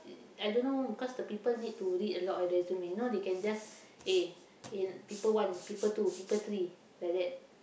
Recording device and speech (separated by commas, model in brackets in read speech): boundary microphone, conversation in the same room